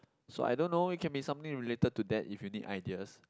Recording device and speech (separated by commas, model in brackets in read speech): close-talking microphone, conversation in the same room